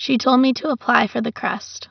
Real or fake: real